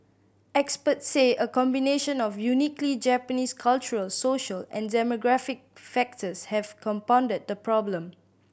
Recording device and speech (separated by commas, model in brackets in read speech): boundary microphone (BM630), read sentence